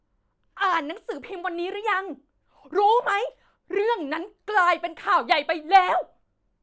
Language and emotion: Thai, angry